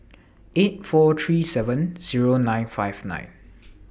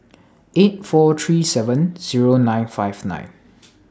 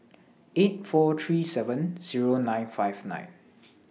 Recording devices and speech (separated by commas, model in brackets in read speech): boundary microphone (BM630), standing microphone (AKG C214), mobile phone (iPhone 6), read sentence